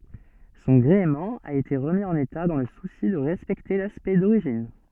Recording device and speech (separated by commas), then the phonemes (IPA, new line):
soft in-ear microphone, read sentence
sɔ̃ ɡʁeəmɑ̃ a ete ʁəmi ɑ̃n eta dɑ̃ lə susi də ʁɛspɛkte laspɛkt doʁiʒin